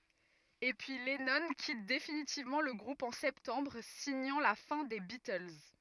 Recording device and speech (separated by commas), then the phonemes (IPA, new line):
rigid in-ear microphone, read sentence
e pəjə lɛnɔ̃ kit definitivmɑ̃ lə ɡʁup ɑ̃ sɛptɑ̃bʁ siɲɑ̃ la fɛ̃ deə bitəls